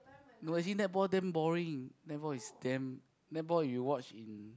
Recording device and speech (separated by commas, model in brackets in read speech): close-talking microphone, conversation in the same room